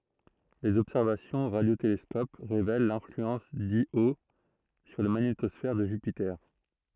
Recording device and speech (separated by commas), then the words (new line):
throat microphone, read sentence
Les observations au radiotélescope révèlent l'influence d'Io sur la magnétosphère de Jupiter.